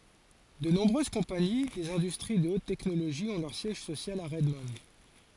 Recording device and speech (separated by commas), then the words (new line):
forehead accelerometer, read sentence
De nombreuses compagnies des industries de haute technologie ont leur siège social à Redmond.